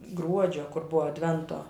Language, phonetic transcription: Lithuanian, ˈgruodžio kur ˈbuvo adˈvento

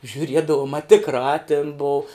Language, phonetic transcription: Lithuanian, žiuˈriedavum a tikˈrā tin bou

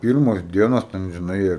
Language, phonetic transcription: Lithuanian, ˈpyrmos ˈdienos ˈten žiˈnai

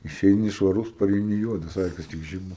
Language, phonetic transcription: Lithuanian, išeiˈni švaˈrus pareiˈni ˈjuodas ˈakis tik ˈžiba

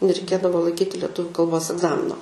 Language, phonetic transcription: Lithuanian, nereiˈkėdavo laiˈkyti leˈtuviu kalˈbos egˈzamino

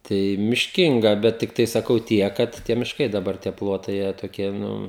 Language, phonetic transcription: Lithuanian, ˈtai mišˈkinga ˈbet tikˈtai saˈkau ˈtiek ˈkad ˈtie mišˈkai daˈbar tie ˈplotai ˈjie toˈkie nu

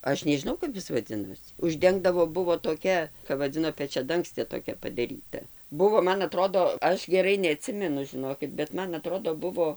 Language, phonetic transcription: Lithuanian, ˈaš nežiˈnau kap ˈis vaˈdzinosi užˈdengdavo ˈbuvo toˈkia kap vaˈdzino pečiaˈdangstė toˈkia padaˈryta ˈbuvo ˈman aˈtrodo ˈaš geˈrai neaˈtsimenu žiˈnokit bet ˈman aˈtrodo ˈbuvo

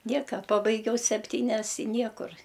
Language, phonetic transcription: Lithuanian, ˈnieka ˈpabaigiau sepˈtynias i ˈniekur

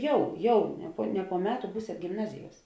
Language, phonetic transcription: Lithuanian, ˈjau ˈjau ne po ne po ˈmeˌtu ˈbūsėt gimˈnaziˌjuos

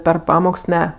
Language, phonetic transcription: Lithuanian, per ˈpamoks ˈne

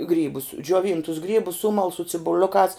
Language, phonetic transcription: Lithuanian, ˈgrybus džioˈvyntus ˈgrybus ˈsumal su cibuˈliukās

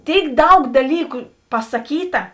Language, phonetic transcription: Lithuanian, ˈtėik ˈdaug daˈlyku pasaˈkyta

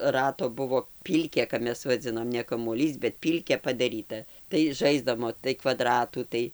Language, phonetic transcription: Lithuanian, ˈrato ˈbuvo ˈpylkė kap ˈmes vaˈdzinom ne kamuoˈlys bet ˈpylkė padaˈryta tai ˈžaisdamo tai kvaˈdratų ˈtai

